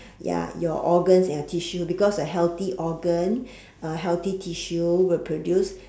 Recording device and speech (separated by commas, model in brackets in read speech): standing microphone, conversation in separate rooms